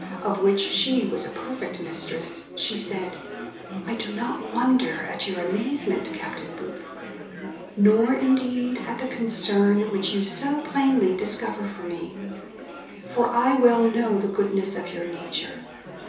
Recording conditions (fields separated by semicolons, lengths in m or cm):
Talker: one person; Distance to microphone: 3.0 m; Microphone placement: far; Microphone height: 1.8 m; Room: small (3.7 m by 2.7 m); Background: babble